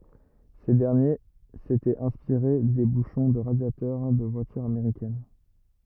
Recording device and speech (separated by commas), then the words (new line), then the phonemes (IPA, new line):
rigid in-ear microphone, read sentence
Ces derniers s'étaient inspirés des bouchons de radiateur des voitures américaines.
se dɛʁnje setɛt ɛ̃spiʁe de buʃɔ̃ də ʁadjatœʁ de vwatyʁz ameʁikɛn